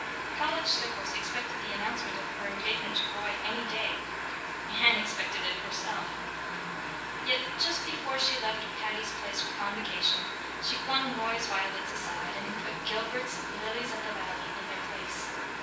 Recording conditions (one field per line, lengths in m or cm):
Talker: one person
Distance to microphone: 9.8 m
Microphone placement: far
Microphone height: 1.8 m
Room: large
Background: music